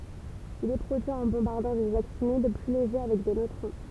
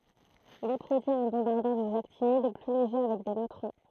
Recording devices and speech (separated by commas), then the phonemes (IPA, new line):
temple vibration pickup, throat microphone, read sentence
il ɛ pʁodyi ɑ̃ bɔ̃baʁdɑ̃ dez aktinid ply leʒe avɛk de nøtʁɔ̃